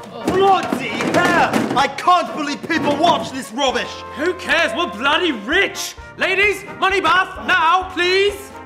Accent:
in British accent